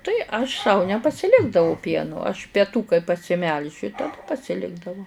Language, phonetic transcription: Lithuanian, ˈtai aš sau nepasiˈlikdavau ˈpienu aš peˈtų kai pasiˈmelžiu taˈda pasiˈlikdavau

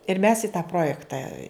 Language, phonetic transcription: Lithuanian, ir mes i tą ˈprojekta

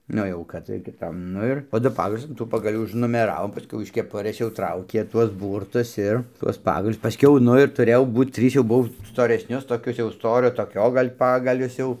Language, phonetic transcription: Lithuanian, ˈnu jau kad kiˈtam ˈnu ir po ˈdu ˈpagalius an ˈtų pagaˈlių užnumeˈravom paˈskiau iš keˈpurɘs jau ˈtraukė ˈtuos ˈbūrtus ˈir tuos ˈpagalius paˈskiau ˈnu ir tuˈrėjau ˈbūt ˈtrys jau ˈbuv storesˈnius toˈkius jau ˈstorio toˈkio ˈgal' ˈpagalius jau

